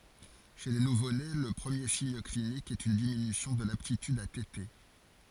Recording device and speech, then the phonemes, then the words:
forehead accelerometer, read sentence
ʃe le nuvone lə pʁəmje siɲ klinik ɛt yn diminysjɔ̃ də laptityd a tete
Chez les nouveau-nés, le premier signe clinique est une diminution de l'aptitude à téter.

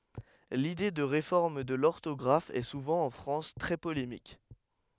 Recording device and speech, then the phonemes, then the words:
headset microphone, read sentence
lide də ʁefɔʁm də lɔʁtɔɡʁaf ɛ suvɑ̃ ɑ̃ fʁɑ̃s tʁɛ polemik
L'idée de réforme de l'orthographe est souvent en France très polémique.

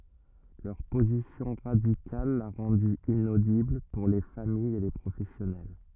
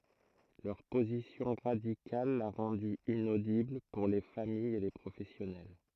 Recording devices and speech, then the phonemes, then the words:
rigid in-ear microphone, throat microphone, read sentence
lœʁ pozisjɔ̃ ʁadikal la ʁɑ̃dy inodibl puʁ le famijz e le pʁofɛsjɔnɛl
Leur position radicale l'a rendu inaudible pour les familles et les professionnels.

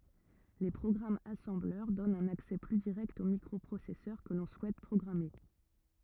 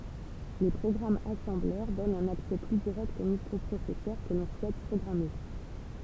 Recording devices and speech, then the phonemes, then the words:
rigid in-ear microphone, temple vibration pickup, read sentence
le pʁɔɡʁamz asɑ̃blœʁ dɔnt œ̃n aksɛ ply diʁɛkt o mikʁɔpʁosɛsœʁ kə lɔ̃ suɛt pʁɔɡʁame
Les programmes assembleur donnent un accès plus direct au microprocesseur que l'on souhaite programmer.

